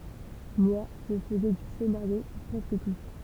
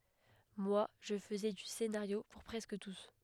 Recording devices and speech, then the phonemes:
temple vibration pickup, headset microphone, read sentence
mwa ʒə fəzɛ dy senaʁjo puʁ pʁɛskə tus

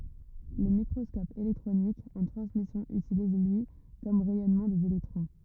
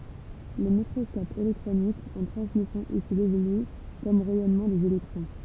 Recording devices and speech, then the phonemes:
rigid in-ear microphone, temple vibration pickup, read sentence
lə mikʁɔskɔp elɛktʁonik ɑ̃ tʁɑ̃smisjɔ̃ ytiliz lyi kɔm ʁɛjɔnmɑ̃ dez elɛktʁɔ̃

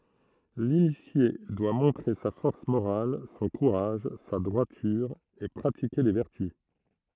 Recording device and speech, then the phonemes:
throat microphone, read sentence
linisje dwa mɔ̃tʁe sa fɔʁs moʁal sɔ̃ kuʁaʒ sa dʁwatyʁ e pʁatike le vɛʁty

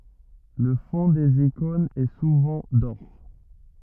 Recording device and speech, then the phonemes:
rigid in-ear microphone, read sentence
lə fɔ̃ dez ikɔ̃nz ɛ suvɑ̃ dɔʁ

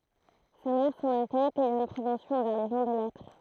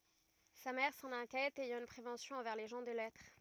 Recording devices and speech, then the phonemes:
throat microphone, rigid in-ear microphone, read sentence
sa mɛʁ sɑ̃n ɛ̃kjɛt ɛjɑ̃ yn pʁevɑ̃sjɔ̃ ɑ̃vɛʁ le ʒɑ̃ də lɛtʁ

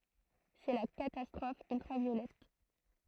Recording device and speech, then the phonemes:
throat microphone, read sentence
sɛ la katastʁɔf yltʁavjolɛt

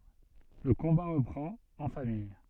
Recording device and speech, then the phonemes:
soft in-ear microphone, read sentence
lə kɔ̃ba ʁəpʁɑ̃t ɑ̃ famij

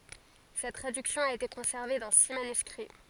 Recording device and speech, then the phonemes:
forehead accelerometer, read sentence
sɛt tʁadyksjɔ̃ a ete kɔ̃sɛʁve dɑ̃ si manyskʁi

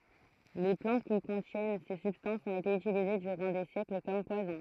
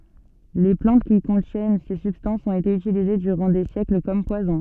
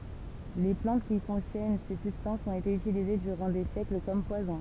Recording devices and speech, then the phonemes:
throat microphone, soft in-ear microphone, temple vibration pickup, read sentence
le plɑ̃t ki kɔ̃tjɛn se sybstɑ̃sz ɔ̃t ete ytilize dyʁɑ̃ de sjɛkl kɔm pwazɔ̃

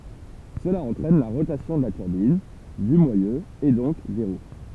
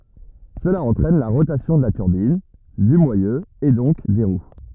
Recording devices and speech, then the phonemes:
temple vibration pickup, rigid in-ear microphone, read sentence
səla ɑ̃tʁɛn la ʁotasjɔ̃ də la tyʁbin dy mwajø e dɔ̃k de ʁw

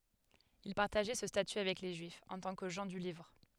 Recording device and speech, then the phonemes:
headset microphone, read sentence
il paʁtaʒɛ sə staty avɛk le ʒyifz ɑ̃ tɑ̃ kə ʒɑ̃ dy livʁ

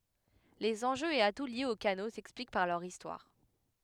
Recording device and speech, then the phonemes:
headset microphone, read sentence
lez ɑ̃ʒøz e atu ljez o kano sɛksplik paʁ lœʁ istwaʁ

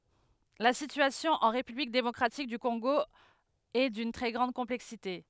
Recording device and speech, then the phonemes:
headset microphone, read sentence
la sityasjɔ̃ ɑ̃ ʁepyblik demɔkʁatik dy kɔ̃ɡo ɛ dyn tʁɛ ɡʁɑ̃d kɔ̃plɛksite

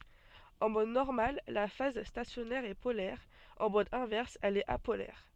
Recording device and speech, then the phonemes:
soft in-ear microphone, read sentence
ɑ̃ mɔd nɔʁmal la faz stasjɔnɛʁ ɛ polɛʁ ɑ̃ mɔd ɛ̃vɛʁs ɛl ɛt apolɛʁ

